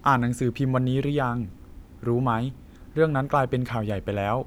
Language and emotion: Thai, neutral